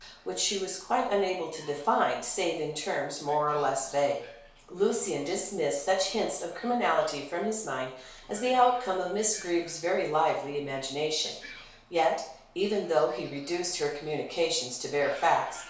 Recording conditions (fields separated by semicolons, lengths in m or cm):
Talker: one person; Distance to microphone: 1.0 m; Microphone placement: close; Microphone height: 1.1 m; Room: small (3.7 m by 2.7 m); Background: television